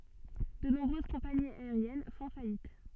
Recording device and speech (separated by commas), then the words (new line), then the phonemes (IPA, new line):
soft in-ear microphone, read sentence
De nombreuses compagnies aériennes font faillite.
də nɔ̃bʁøz kɔ̃paniz aeʁjɛn fɔ̃ fajit